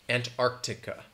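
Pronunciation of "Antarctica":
In 'Antarctica', the first c is heard a little bit; it is not dropped.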